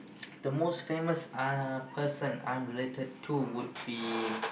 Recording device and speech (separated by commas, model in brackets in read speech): boundary microphone, conversation in the same room